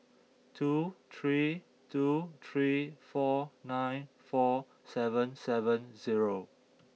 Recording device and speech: mobile phone (iPhone 6), read sentence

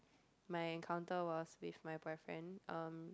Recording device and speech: close-talking microphone, conversation in the same room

